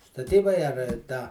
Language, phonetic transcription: Lithuanian, staˈtybai ar ˈtą

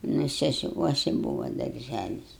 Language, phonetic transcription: Lithuanian, nu sesiˈkuosi ˈbūva darˈžælis

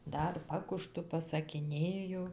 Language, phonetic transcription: Lithuanian, ˈdar ˈpakužtu pasakiˈnėju

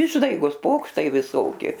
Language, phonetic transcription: Lithuanian, ˈišdaigos ˈpokštai viˈsoki

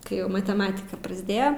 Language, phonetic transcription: Lithuanian, kai ˈjau mateˈmatika prasˈdėjo

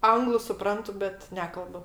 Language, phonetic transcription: Lithuanian, ˈanglu suˈprantu bet ˈnekalbu

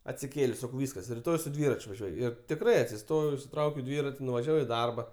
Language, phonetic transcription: Lithuanian, atsiˈkėlės' ˈsakau ˈvyskas riˈtoj su ˈdvirač' vaˈžiuoj ir tikˈrai atsiˈstojau išsiˈtraukiau ˈdvirati nuvaˈžiavau į ˈdarba

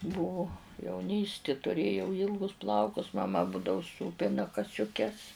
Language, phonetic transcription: Lithuanian, ˈbūvu jauˈnysti tuˈrėjau ˈylgus ˈplaukus maˈma ˈbūdavu ˈsūpina kasiuˈkes

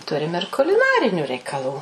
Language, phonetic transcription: Lithuanian, ˈturim ir kuliˈnariniu reikaˈlų

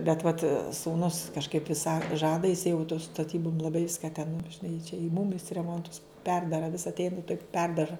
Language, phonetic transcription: Lithuanian, bet vat sūˈnus kažˈkaip vis sa ˈžada jis jau tu staˈtybum laˈbai ˈviska ten nu žiˈnai i čia i mum jis reˈmontus ˈperdara vis atˈein tok ˈperdaža

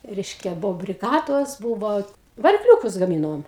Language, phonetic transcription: Lithuanian, ˈreiškia ˈbuo briˈgados būvo varikˈliūkus gaˈmynom

